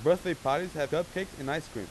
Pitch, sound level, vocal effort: 175 Hz, 94 dB SPL, very loud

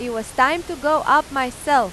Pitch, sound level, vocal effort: 275 Hz, 97 dB SPL, very loud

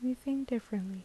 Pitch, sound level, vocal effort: 240 Hz, 74 dB SPL, soft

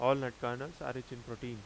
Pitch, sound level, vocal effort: 125 Hz, 89 dB SPL, loud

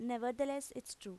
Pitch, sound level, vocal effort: 245 Hz, 87 dB SPL, normal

